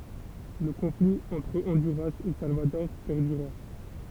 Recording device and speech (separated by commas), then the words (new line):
temple vibration pickup, read sentence
Le conflit entre Honduras et Salvador perdura.